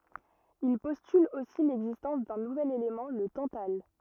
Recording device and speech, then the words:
rigid in-ear microphone, read sentence
Il postule aussi l'existence d'un nouvel élément, le tantale.

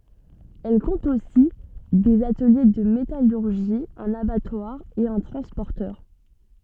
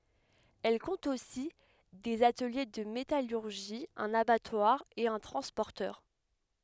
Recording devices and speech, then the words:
soft in-ear microphone, headset microphone, read sentence
Elle compte aussi des ateliers de métallurgie, un abattoir et un transporteur.

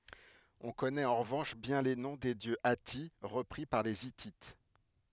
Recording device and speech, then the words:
headset microphone, read sentence
On connaît en revanche bien les noms des dieux hattis, repris par les Hittites.

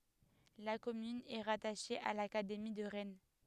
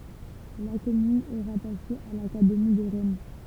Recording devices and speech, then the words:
headset microphone, temple vibration pickup, read sentence
La commune est rattachée à l'académie de Rennes.

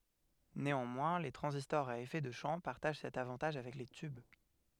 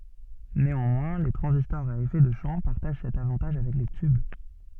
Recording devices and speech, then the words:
headset microphone, soft in-ear microphone, read sentence
Néanmoins, les transistors à effet de champ partagent cet avantage avec les tubes.

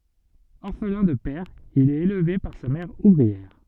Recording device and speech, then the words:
soft in-ear microphone, read sentence
Orphelin de père, il est élevé par sa mère ouvrière.

